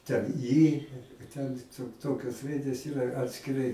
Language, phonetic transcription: Lithuanian, ten ˈy ten ˈto ˈtokios ˈraidės ˈyra atskiˈrai

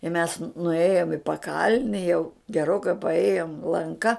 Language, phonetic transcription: Lithuanian, i mes nuˈėjom i paˈkalni jau geˈrokai paˈėjom lanˈka

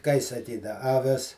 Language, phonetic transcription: Lithuanian, kai saˈkyda aˈvis

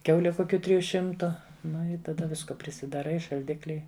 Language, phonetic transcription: Lithuanian, ˈkiaule ˈkukiu ˈtriju ˈšimtu ˈnu i taˈda ˈvisko prisidaˈrai i šalˈdikli

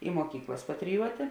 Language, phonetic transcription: Lithuanian, i muoˈkyklas patriˈjuotė

